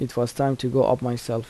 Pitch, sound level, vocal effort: 125 Hz, 80 dB SPL, soft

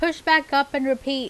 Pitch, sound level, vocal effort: 280 Hz, 89 dB SPL, loud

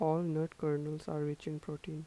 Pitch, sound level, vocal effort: 155 Hz, 81 dB SPL, soft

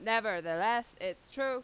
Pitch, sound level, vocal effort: 225 Hz, 95 dB SPL, very loud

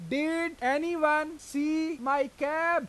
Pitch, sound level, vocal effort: 300 Hz, 98 dB SPL, very loud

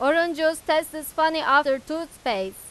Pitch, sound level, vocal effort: 310 Hz, 97 dB SPL, loud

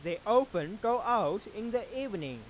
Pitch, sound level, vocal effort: 225 Hz, 98 dB SPL, loud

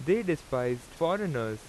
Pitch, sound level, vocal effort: 135 Hz, 89 dB SPL, very loud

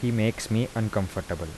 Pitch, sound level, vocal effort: 110 Hz, 80 dB SPL, soft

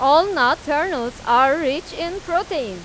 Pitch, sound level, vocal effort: 300 Hz, 98 dB SPL, loud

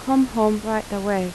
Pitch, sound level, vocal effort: 215 Hz, 81 dB SPL, soft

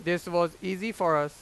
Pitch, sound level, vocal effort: 175 Hz, 97 dB SPL, very loud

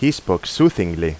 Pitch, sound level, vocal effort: 120 Hz, 88 dB SPL, normal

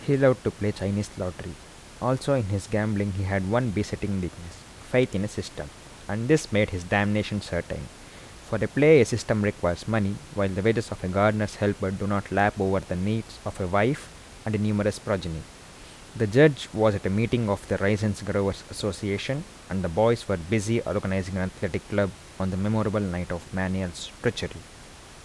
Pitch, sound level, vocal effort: 100 Hz, 80 dB SPL, soft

